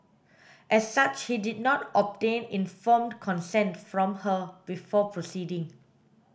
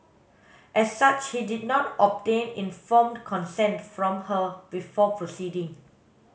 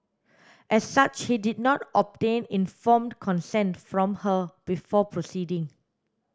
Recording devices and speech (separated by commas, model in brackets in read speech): boundary microphone (BM630), mobile phone (Samsung S8), standing microphone (AKG C214), read sentence